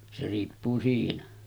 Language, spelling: Finnish, se riippuu siinä
- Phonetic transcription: se riippuu 'siinä .

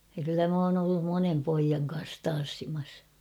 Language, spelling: Finnish, ja kyllä minä olen ollut monen pojan kanssa tanssimassa
- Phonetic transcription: ja kyllä m ‿oon ‿ollum 'monem 'poijaŋ kans 'tan̬ssimas .

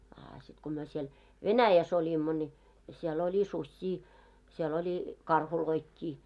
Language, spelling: Finnish, a sitten kun me siellä Venäjässä olimme niin siellä oli susia siellä oli karhujakin
- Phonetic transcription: aa sit ko myö siel , "Venäjäs ‿oĺimmo ńi , sie'l ‿oĺi 'suśśii , siel ‿oĺi , 'karhuloikkii .

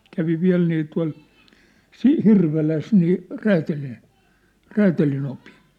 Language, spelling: Finnish, kävi vielä niin tuolla - Hirvelässä niin - räätälinopin
- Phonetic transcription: kävi 'viä̭l nii tua̭l , 'Si- 'Hirveläs nii , 'räätälin̬- , 'räätälinopɪɴ .

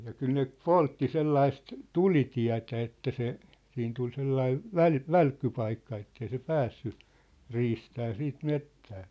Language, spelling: Finnish, ja kyllä ne poltti sellaista tulitietä että se siinä tuli sellainen - välkkypaikka että ei se päässyt riistämään sitten metsään
- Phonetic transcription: ja 'kyl ne "poltti 'sellaist , "tulitiä̭tä että se , 'siin tul 'sellaiv̳ , "väl- , "välkkypaikka ettei se "päässy , 'riistää 'siit 'mettää .

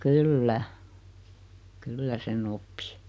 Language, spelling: Finnish, kyllä kyllä sen oppi
- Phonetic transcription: kyl"lä , "kyllä 'se'n ‿oppɪ .

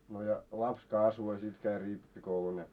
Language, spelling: Finnish, no ja lapsi kasvoi ja sitten kävi rippikoulun ja
- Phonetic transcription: no ja 'laps 'kasvo ja sit käi 'rippikoulun ja .

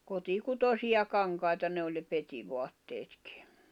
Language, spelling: Finnish, kotikutoisia kankaita ne oli ne petivaatteetkin
- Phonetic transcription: 'kotikutosiʲa 'kaŋkai̬ta 'ne oĺ ne 'petivoatteetkɪ .

